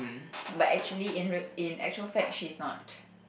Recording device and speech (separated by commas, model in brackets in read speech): boundary microphone, conversation in the same room